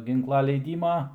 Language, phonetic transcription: Lithuanian, ˈginkla leiˈdyma

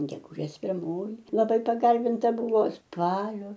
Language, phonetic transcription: Lithuanian, geguˈžės pirˈmoji laˈbai paˈgarbinta ˈbuvo ˈspalio

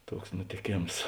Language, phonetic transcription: Lithuanian, ˈtuoks nutėˈkėms

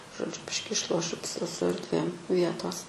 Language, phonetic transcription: Lithuanian, žoˈdžiu ˈbiški išˈlošiu ps su ardˈvėm ˈvietos

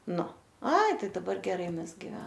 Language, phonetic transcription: Lithuanian, ˈnu ˈai ˈtai daˈbar geˈrai mezˈgi

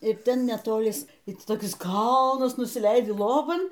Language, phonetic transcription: Lithuanian, i ˈten netoˈlis i ˈti toˈkis ˈkalnas nusiˈleidi ˈloban

